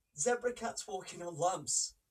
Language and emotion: English, sad